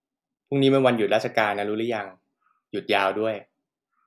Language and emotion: Thai, neutral